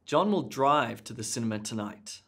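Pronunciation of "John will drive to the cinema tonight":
In 'John will drive to the cinema tonight', the emphasis is on the word 'drive'.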